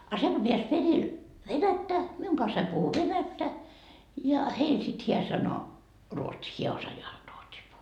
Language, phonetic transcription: Finnish, a 'se ko peäs 'peril , "venättä , 'miuŋ kansaim puhu "venättä , ja , 'heil sit 'hiä sano , 'ruotsii , 'hiä 'osajaa ruotsii puh- .
- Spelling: a se kun pääsi perille venättä minun kanssani puhui venäjää ja heille sitten hän sanoi ruotsia hän osaa ruotsia -

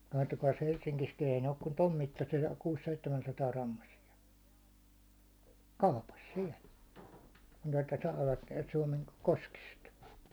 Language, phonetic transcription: Finnish, kattokais 'Helšsiŋkiskin ei 'ne 'ok kun "tom mittasi₍a 'kuus'seittemänsataa'rammasi₍a , "kaupas "siɛl , (ni että) 'saavat niɛt 'Suomen , 'koskist .
- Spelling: katsokaas Helsingissäkin ei ne ole kuin tuon mittaisia kuusi-seitsemänsataagrammaisia kaupassa siellä niin että saavat näet Suomen koskista

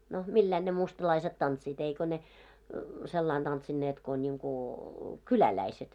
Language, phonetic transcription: Finnish, no , "milläin ne mustalaiset 'tantsiit 'eiko ne , 'sellain tantsinneet ko ńiŋku , "kyläläiset .
- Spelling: no millä lailla ne mustalaiset tanssivat eikä ne sillä lailla tanssinneet kun niin kuin kyläläiset

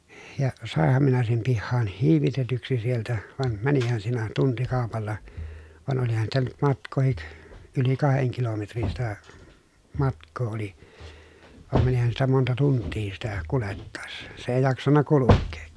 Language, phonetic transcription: Finnish, ja , sàehham minä sem pihhaan , hiivitetyksi sieltä , van , mänihän siinä tuntikàopalla , van olihan sitä nyt matk̆kòhik , yli kaheŋ kilometrin sitä , matk̆koo oli , vàem mänihän sitä monta tunttii sitä , kulettàessA , se èi jaksanna kulukkee .
- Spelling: ja sainhan minä sen pihaan hiivitetyksi sieltä vaan menihän siinä tuntikaupalla vaan olihan sitä nyt matkaakin yli kahden kilometrin sitä matkaa oli vaan menihän sitä monta tuntia sitä kuljettaessa se ei jaksanut kulkea

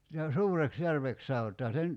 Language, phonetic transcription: Finnish, no 'Suureks'järvek saot̀aa se (nyt) ,.
- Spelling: no Suureksijärveksi sanotaan se nyt

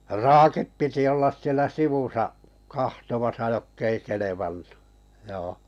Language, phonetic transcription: Finnish, raakip piti ollas 'sielä "sivusa’ , 'kahtomasa 'jokk ‿ei 'kelevannᴜ , 'joo .
- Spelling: raakit piti olla siellä sivussa katsomassa jotka ei kelvannut joo

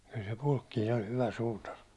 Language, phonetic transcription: Finnish, kyl se 'Pulkkiin ‿oĺ 'hyvä 'suutar .
- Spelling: kyllä se Pulkkinen oli hyvä suutari

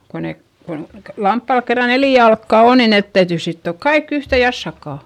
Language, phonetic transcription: Finnish, ko ne , kon , lamppàl kerra neli jalkka on ni net täytỳ sittòk kaik ‿yhtè jassakkà .
- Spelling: kun ne kun lampaalla kerran neljä jalkaa on niin ne täytyy sitoa kaikki yhteen jassakkaan

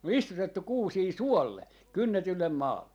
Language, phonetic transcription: Finnish, (on) 'istutettuk 'kuusii "suolle , "kynnetyllem 'maalle .
- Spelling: on istutettu kuusia suolle kynnetylle maalle

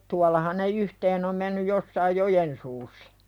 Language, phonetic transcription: Finnish, tuallahan ne "yhteen ‿om mennyj jossaij 'jojen suussᴀ .
- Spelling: tuollahan ne yhteen on mennyt jossakin joen suussa

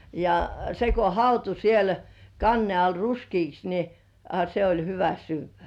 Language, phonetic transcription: Finnish, ja 'se ko "hautu siel , 'kanne ai 'ruskiiks ni , a se oĺ 'hyvä "syyv̆§vä .
- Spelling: ja se kun hautui siellä kannen alla ruskeaksi niin a se oli hyvä syödä

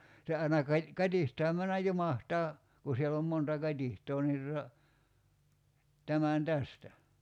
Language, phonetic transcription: Finnish, 'se aina kaⁱ- , 'kat́ihtaam männäj "jumahtaa , ku siell ‿om 'monta "kat́iht̀oo ni tuta , 'tämän "tästä .
- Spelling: se aina - katiskaan mennä jumahtaa kun siellä on monta katiskaa niin tuota tämän tästä

